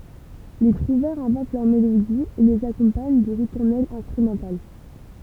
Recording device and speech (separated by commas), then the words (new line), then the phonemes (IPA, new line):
temple vibration pickup, read sentence
Les trouvères inventent leurs mélodies et les accompagnent de ritournelles instrumentales.
le tʁuvɛʁz ɛ̃vɑ̃t lœʁ melodiz e lez akɔ̃paɲ də ʁituʁnɛlz ɛ̃stʁymɑ̃tal